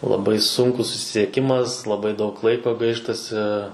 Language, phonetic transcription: Lithuanian, laˈbai ˈsunkus susisieˈkimas laˈbai daug ˈlaiko ˈgaištasi

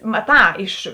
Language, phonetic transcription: Lithuanian, maˈtā iš

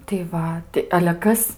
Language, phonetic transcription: Lithuanian, tai ˈva ti ale ˈkas

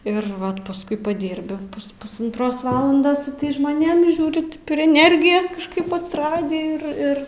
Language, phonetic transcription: Lithuanian, ir ˈvat pasˈkui paˈdyrbi pus pusantˈros ˈvalandos su ˈtais žmoˈnėm i ˈžiūri pri eˈnergijas kažˈkaip atsiˈradį ir ˈir

